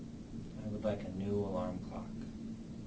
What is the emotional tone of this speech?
neutral